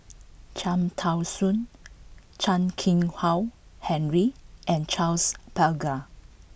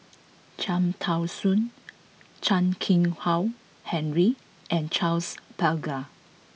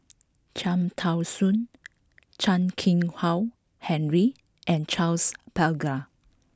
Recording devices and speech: boundary microphone (BM630), mobile phone (iPhone 6), close-talking microphone (WH20), read sentence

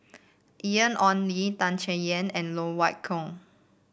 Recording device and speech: boundary microphone (BM630), read sentence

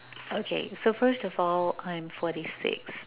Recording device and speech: telephone, conversation in separate rooms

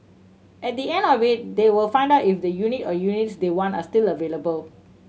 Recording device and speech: mobile phone (Samsung C7100), read sentence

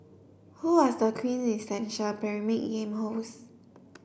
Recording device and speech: boundary microphone (BM630), read sentence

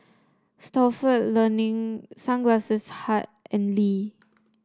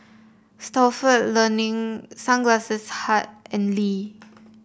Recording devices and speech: standing microphone (AKG C214), boundary microphone (BM630), read sentence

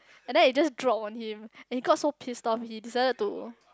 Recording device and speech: close-talking microphone, conversation in the same room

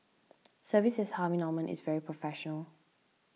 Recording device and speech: mobile phone (iPhone 6), read sentence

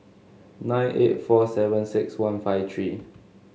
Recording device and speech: mobile phone (Samsung S8), read sentence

